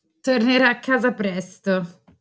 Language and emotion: Italian, disgusted